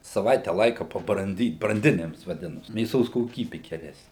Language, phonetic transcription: Lithuanian, saˈvaite ˈlaika pabranˈdyt branˈdinims vaˈdinasi mėˈsos koˈkybi geˈresni

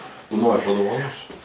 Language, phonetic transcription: Lithuanian, ˈnori padovaˈnosiu

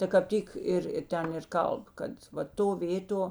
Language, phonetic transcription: Lithuanian, ta kap ˈtyk ˈir ir ˈten ir ˈkalb ˈkad va ˈto ˈvėto

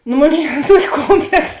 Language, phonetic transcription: Lithuanian, nu ˈmoˌnėi ˈan ˈtuoki ˈkompleks

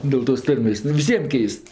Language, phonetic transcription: Lithuanian, ˌdėl tos ˈtarmės' ˈnu ir viˈsiem ˈkeist

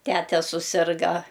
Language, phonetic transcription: Lithuanian, ˈtete suˈsirga

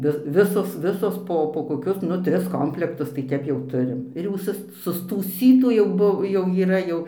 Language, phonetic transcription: Lithuanian, ˈvi ˈvisos ˈvisos ˈpo po koˈkius ˈnu ˈtris ˈkomplektus tai ˈtep jau ˈturim ir jau ˈsus sustųˈsytų jau ˈbu jau yˈra jau

